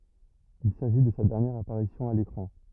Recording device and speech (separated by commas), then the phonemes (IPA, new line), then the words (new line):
rigid in-ear microphone, read sentence
il saʒi də sa dɛʁnjɛʁ apaʁisjɔ̃ a lekʁɑ̃
Il s'agit de sa dernière apparition à l'écran.